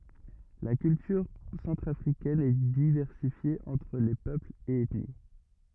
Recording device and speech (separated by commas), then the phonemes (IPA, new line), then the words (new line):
rigid in-ear microphone, read sentence
la kyltyʁ sɑ̃tʁafʁikɛn ɛ divɛʁsifje ɑ̃tʁ le pøplz e ɛtni
La culture centrafricaine est diversifiée entre les peuples et ethnies.